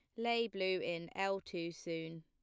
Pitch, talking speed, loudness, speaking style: 180 Hz, 180 wpm, -39 LUFS, plain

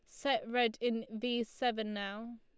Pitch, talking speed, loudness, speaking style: 235 Hz, 165 wpm, -35 LUFS, Lombard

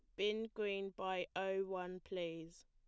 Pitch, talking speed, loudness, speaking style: 190 Hz, 145 wpm, -42 LUFS, plain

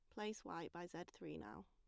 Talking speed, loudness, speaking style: 245 wpm, -51 LUFS, plain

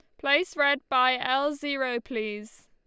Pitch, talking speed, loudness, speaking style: 265 Hz, 145 wpm, -26 LUFS, Lombard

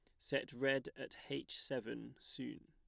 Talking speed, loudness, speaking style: 145 wpm, -43 LUFS, plain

